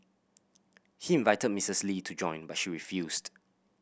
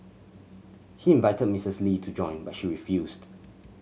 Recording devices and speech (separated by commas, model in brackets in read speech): boundary microphone (BM630), mobile phone (Samsung C7100), read sentence